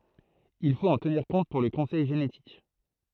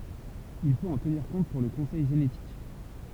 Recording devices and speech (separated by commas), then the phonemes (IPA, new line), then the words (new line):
throat microphone, temple vibration pickup, read sentence
il fot ɑ̃ təniʁ kɔ̃t puʁ lə kɔ̃sɛj ʒenetik
Il faut en tenir compte pour le conseil génétique.